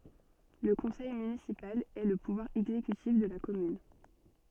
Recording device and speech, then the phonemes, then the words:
soft in-ear microphone, read sentence
lə kɔ̃sɛj mynisipal ɛ lə puvwaʁ ɛɡzekytif də la kɔmyn
Le conseil municipal est le pouvoir exécutif de la commune.

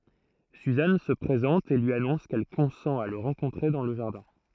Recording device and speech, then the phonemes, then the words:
throat microphone, read sentence
syzan sə pʁezɑ̃t e lyi anɔ̃s kɛl kɔ̃sɑ̃t a lə ʁɑ̃kɔ̃tʁe dɑ̃ lə ʒaʁdɛ̃
Suzanne se présente et lui annonce qu'elle consent à le rencontrer dans le jardin.

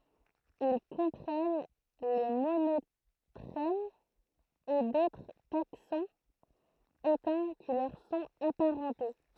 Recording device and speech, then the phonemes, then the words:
throat microphone, read sentence
il kɔ̃pʁɛn le monotʁɛmz e dotʁ taksɔ̃z etɛ̃ ki lœʁ sɔ̃t apaʁɑ̃te
Ils comprennent les monotrèmes et d'autres taxons éteints qui leur sont aparentées.

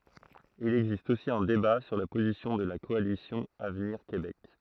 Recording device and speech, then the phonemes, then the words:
throat microphone, read sentence
il ɛɡzist osi œ̃ deba syʁ la pozisjɔ̃ də la kɔalisjɔ̃ avniʁ kebɛk
Il existe aussi un débat sur la position de la Coalition avenir Québec.

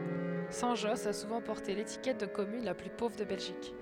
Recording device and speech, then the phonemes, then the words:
headset microphone, read sentence
sɛ̃tʒɔs a suvɑ̃ pɔʁte letikɛt də kɔmyn la ply povʁ də bɛlʒik
Saint-Josse a souvent porté l'étiquette de commune la plus pauvre de Belgique.

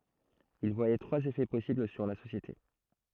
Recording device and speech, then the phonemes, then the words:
throat microphone, read sentence
il vwajɛ tʁwaz efɛ pɔsibl syʁ la sosjete
Il voyait trois effets possibles sur la société.

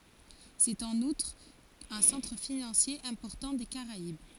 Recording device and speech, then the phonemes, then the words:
forehead accelerometer, read sentence
sɛt ɑ̃n utʁ œ̃ sɑ̃tʁ finɑ̃sje ɛ̃pɔʁtɑ̃ de kaʁaib
C'est en outre un centre financier important des Caraïbes.

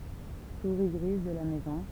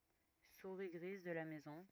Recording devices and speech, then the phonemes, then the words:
temple vibration pickup, rigid in-ear microphone, read sentence
suʁi ɡʁiz də la mɛzɔ̃
Souris grise de la maison.

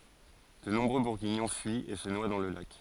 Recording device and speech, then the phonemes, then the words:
forehead accelerometer, read sentence
də nɔ̃bʁø buʁɡiɲɔ̃ fyit e sə nwa dɑ̃ lə lak
De nombreux Bourguignons fuient et se noient dans le lac.

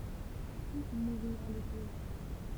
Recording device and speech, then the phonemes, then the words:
temple vibration pickup, read sentence
ki nuʁiʁa le povʁ
Qui nourrira les pauvres?

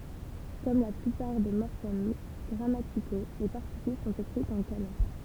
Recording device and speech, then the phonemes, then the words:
temple vibration pickup, read sentence
kɔm la plypaʁ de mɔʁfɛm ɡʁamatiko le paʁtikyl sɔ̃t ekʁitz ɑ̃ kana
Comme la plupart des morphèmes grammaticaux, les particules sont écrites en kana.

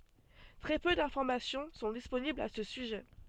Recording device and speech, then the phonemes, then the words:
soft in-ear microphone, read sentence
tʁɛ pø dɛ̃fɔʁmasjɔ̃ sɔ̃ disponiblz a sə syʒɛ
Très peu d'informations sont disponibles à ce sujet.

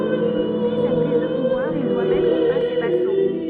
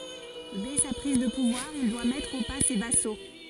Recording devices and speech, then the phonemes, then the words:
soft in-ear microphone, forehead accelerometer, read sentence
dɛ sa pʁiz də puvwaʁ il dwa mɛtʁ o pa se vaso
Dès sa prise de pouvoir, il doit mettre au pas ses vassaux.

